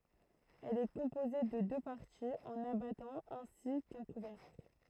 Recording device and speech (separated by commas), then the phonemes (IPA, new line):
throat microphone, read sentence
ɛl ɛ kɔ̃poze də dø paʁtiz œ̃n abatɑ̃ ɛ̃si kœ̃ kuvɛʁkl